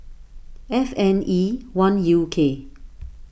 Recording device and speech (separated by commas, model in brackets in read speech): boundary microphone (BM630), read sentence